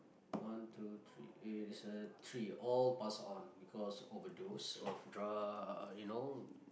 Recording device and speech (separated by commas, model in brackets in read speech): boundary microphone, conversation in the same room